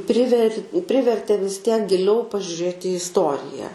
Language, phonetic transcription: Lithuanian, ˈpriver' ˈprivertė vis tiek giˈliau pažiuˈrėt i isˈtorija

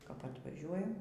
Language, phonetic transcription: Lithuanian, kap atvaˈžiuojam

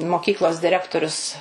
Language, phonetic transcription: Lithuanian, moˈkyklos diˈrektorius

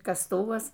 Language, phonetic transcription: Lithuanian, kasˈtuvas

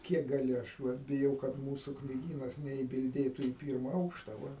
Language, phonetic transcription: Lithuanian, ˈkiek gaˈli ˈaš vat biˈjau kad ˈmūsu knyˈgynas neibilˈdėtu į ˈpyrma ˈaukšta va

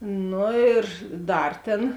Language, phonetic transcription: Lithuanian, ˈnu ir ˈdar tėn

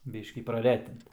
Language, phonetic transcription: Lithuanian, ˈbyškį praˈretint

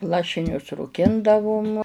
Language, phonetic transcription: Lithuanian, ˈlašinius rūˈkindavum

